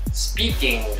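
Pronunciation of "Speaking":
In 'speaking', the ending is said as 'ing', with the ng sound, not as 'in' with an n sound.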